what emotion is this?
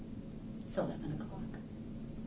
neutral